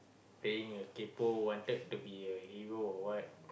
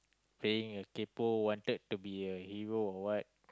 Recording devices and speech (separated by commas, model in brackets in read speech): boundary microphone, close-talking microphone, conversation in the same room